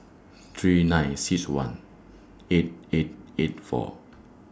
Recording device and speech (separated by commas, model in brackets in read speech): standing microphone (AKG C214), read sentence